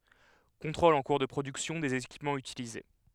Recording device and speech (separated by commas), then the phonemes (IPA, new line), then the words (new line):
headset microphone, read sentence
kɔ̃tʁolz ɑ̃ kuʁ də pʁodyksjɔ̃ dez ekipmɑ̃z ytilize
Contrôles en cours de production des équipements utilisés.